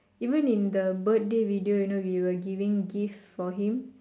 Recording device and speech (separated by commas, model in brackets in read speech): standing microphone, conversation in separate rooms